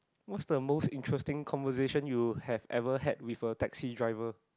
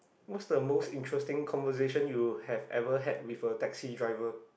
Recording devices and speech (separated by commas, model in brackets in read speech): close-talking microphone, boundary microphone, conversation in the same room